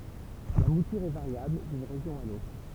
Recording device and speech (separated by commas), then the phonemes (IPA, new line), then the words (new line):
temple vibration pickup, read sentence
la mutyʁ ɛ vaʁjabl dyn ʁeʒjɔ̃ a lotʁ
La mouture est variable d'une région à l'autre.